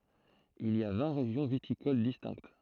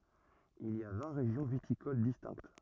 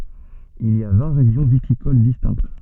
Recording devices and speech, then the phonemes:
throat microphone, rigid in-ear microphone, soft in-ear microphone, read sentence
il i a vɛ̃ ʁeʒjɔ̃ vitikol distɛ̃kt

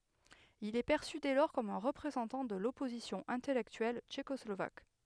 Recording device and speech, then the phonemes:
headset microphone, read sentence
il ɛ pɛʁsy dɛ lɔʁ kɔm œ̃ ʁəpʁezɑ̃tɑ̃ də lɔpozisjɔ̃ ɛ̃tɛlɛktyɛl tʃekɔslovak

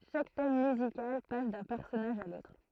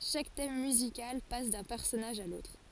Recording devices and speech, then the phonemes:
throat microphone, forehead accelerometer, read sentence
ʃak tɛm myzikal pas dœ̃ pɛʁsɔnaʒ a lotʁ

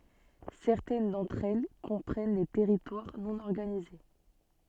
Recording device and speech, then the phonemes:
soft in-ear microphone, read sentence
sɛʁtɛn dɑ̃tʁ ɛl kɔ̃pʁɛn de tɛʁitwaʁ nɔ̃ ɔʁɡanize

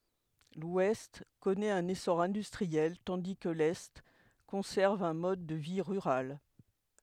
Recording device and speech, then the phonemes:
headset microphone, read sentence
lwɛst kɔnɛt œ̃n esɔʁ ɛ̃dystʁiɛl tɑ̃di kə lɛ kɔ̃sɛʁv œ̃ mɔd də vi ʁyʁal

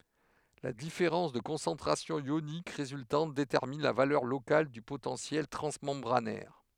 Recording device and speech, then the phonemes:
headset microphone, read sentence
la difeʁɑ̃s də kɔ̃sɑ̃tʁasjɔ̃ jonik ʁezyltɑ̃t detɛʁmin la valœʁ lokal dy potɑ̃sjɛl tʁɑ̃smɑ̃bʁanɛʁ

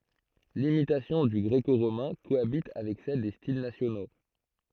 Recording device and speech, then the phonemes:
throat microphone, read sentence
limitasjɔ̃ dy ɡʁeko ʁomɛ̃ koabit avɛk sɛl de stil nasjono

